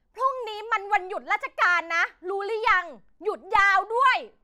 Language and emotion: Thai, angry